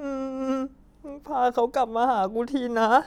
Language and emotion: Thai, sad